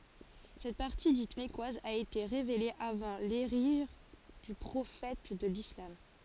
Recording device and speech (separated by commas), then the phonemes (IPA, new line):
forehead accelerometer, read sentence
sɛt paʁti dit mɛkwaz a ete ʁevele avɑ̃ leʒiʁ dy pʁofɛt də lislam